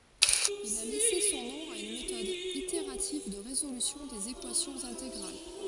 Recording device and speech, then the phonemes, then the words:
forehead accelerometer, read sentence
il a lɛse sɔ̃ nɔ̃ a yn metɔd iteʁativ də ʁezolysjɔ̃ dez ekwasjɔ̃z ɛ̃teɡʁal
Il a laissé son nom à une méthode itérative de résolution des équations intégrales.

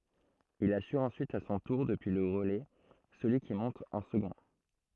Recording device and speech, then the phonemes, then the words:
throat microphone, read sentence
il asyʁ ɑ̃syit a sɔ̃ tuʁ dəpyi lə ʁəlɛ səlyi ki mɔ̃t ɑ̃ səɡɔ̃
Il assure ensuite à son tour, depuis le relais, celui qui monte en second.

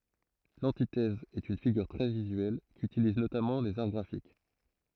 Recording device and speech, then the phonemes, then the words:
throat microphone, read sentence
lɑ̃titɛz ɛt yn fiɡyʁ tʁɛ vizyɛl kytiliz notamɑ̃ lez aʁ ɡʁafik
L'antithèse est une figure très visuelle, qu'utilisent notamment les Arts graphiques.

